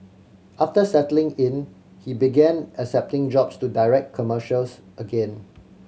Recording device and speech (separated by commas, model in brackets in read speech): mobile phone (Samsung C7100), read sentence